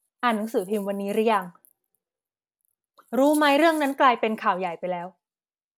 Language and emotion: Thai, frustrated